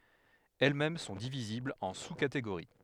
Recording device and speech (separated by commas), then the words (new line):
headset microphone, read sentence
Elles-mêmes sont divisibles en sous-catégories.